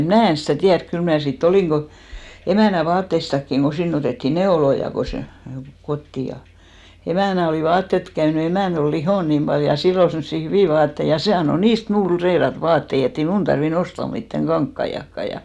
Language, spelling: Finnish, minä en sitä tiedä kyllä minä sitten olin emännän vaatteistakin kun sinne otettiin neuloja kun se kotiin ja emännän oli vaatteat - käynyt emäntä oli lihonut niin paljon ja sillä oli semmoisia hyviä vaatteita ja se antoi niistä minulle reilata vaatteita että ei minun tarvinnut ostaa mitään kankaitakaan ja
- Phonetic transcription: 'mnä̀ en̬ stä̀ 'tiärk kyl mnä̀ sit"t ‿olì 'emä̀nä 'vaatteistakkiŋ ko 'sinn ‿otèttì "neoloja ko se , 'kotti ja , 'emä̀nä olì 'vaattet tᵘ- , käynʏ , 'emä̀n(t) ‿ol "lihòn niim paljo ja 'sill ‿ol semssi "hyvì 'vaattei , ja 'se anno "niist 'mnuul reirat 'vaattei ett ‿ei 'mun tarvi'n ‿osta mittäŋ "ɢaŋkkaiʲakka ja .

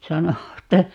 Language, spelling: Finnish, sanoi että
- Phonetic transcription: 'sano että , .

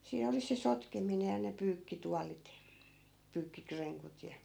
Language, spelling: Finnish, siinä oli se sotkeminen ja ne pyykkituolit pyykkikrenkut ja
- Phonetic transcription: 'siin ‿oli se 'sotkemine ja ne 'pyykkitualit , 'pyykki"kreŋkut ja ,.

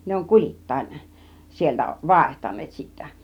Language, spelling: Finnish, ne on kulittain sieltä vaihtaneet sitten
- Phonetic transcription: 'ne oŋ "kul͕ittain , sieltä "vàihtan̆neet sittä .

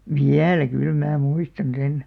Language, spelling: Finnish, vielä kyllä minä muistan sen
- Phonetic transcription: viälä kyl 'mää "muistan 'sen .

